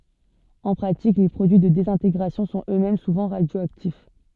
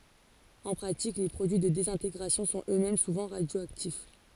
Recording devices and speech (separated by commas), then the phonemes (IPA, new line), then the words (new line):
soft in-ear microphone, forehead accelerometer, read sentence
ɑ̃ pʁatik le pʁodyi də dezɛ̃teɡʁasjɔ̃ sɔ̃t øksmɛm suvɑ̃ ʁadjoaktif
En pratique, les produits de désintégration sont eux-mêmes souvent radioactifs.